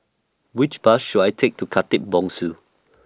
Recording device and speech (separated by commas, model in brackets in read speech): standing microphone (AKG C214), read sentence